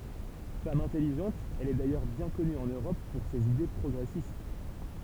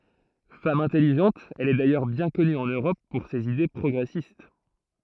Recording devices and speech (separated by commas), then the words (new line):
temple vibration pickup, throat microphone, read sentence
Femme intelligente, elle est d'ailleurs bien connue, en Europe, pour ses idées progressistes.